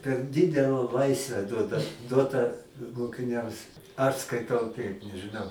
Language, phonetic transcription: Lithuanian, per ˈdidela ˈlaisve ˈduoda ˈduotą mokiˈniams aš skaiˈtau ˈtaip nežɨˈnau

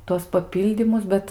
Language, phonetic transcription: Lithuanian, ˈtuos paˈpyldymus ˈbet

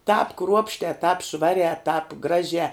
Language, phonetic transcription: Lithuanian, tāp ˈkruopštē tāp ˈšvarē tāp ˈgražē

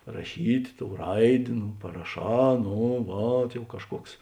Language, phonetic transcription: Lithuanian, raˈšyt' ˈtou ˈraidė nu paraˈšā ˈno ˈvat jau ˈkažˌkuoks

